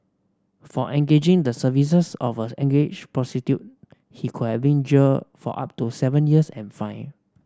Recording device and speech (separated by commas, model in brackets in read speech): standing microphone (AKG C214), read sentence